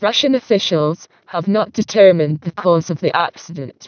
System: VC, vocoder